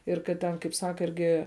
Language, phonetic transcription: Lithuanian, ir kad ˈten kaip ˈsaka ˈirgi

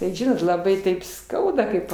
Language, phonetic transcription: Lithuanian, tai ˈžinot laˈbai taip ˈskauda ˈkaip

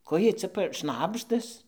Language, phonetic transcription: Lithuanian, ˈko ˈjiej cia p ˈšnabždas

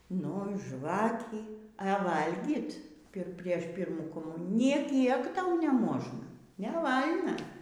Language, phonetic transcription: Lithuanian, ˈnu ˈžvakį ɘ ˈvalgyt ˈpir ˈprieš ˈpyrmų koˈmunijų nė ˈkiek ˈtau neˈmožna neˈval'na

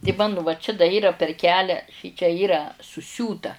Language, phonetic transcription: Lithuanian, ti ˈmanu va čia da ˈyra per ˈkelią ˈšičia ˈyra suˈsiūta

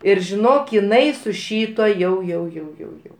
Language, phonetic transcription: Lithuanian, ˈir žiˈnok iˈnai su ˈšytuo ˈjau jau jau jau ˈjau

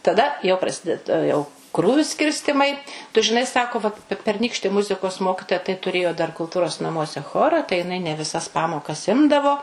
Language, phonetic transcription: Lithuanian, taˈda jau praˈsided ˈjau ˈkrūviu ˈskirstimai tu žiˈnai ˈsako vat pe perˈnykšti ˈmuzikos ˈmokitoja tai tuˈrėjo dar kulˈtūros naˈmuose ˈchora tai jiˈnai ne viˈsas ˈpamokas ˈimdavo

